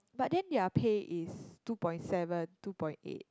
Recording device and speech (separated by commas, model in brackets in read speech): close-talking microphone, conversation in the same room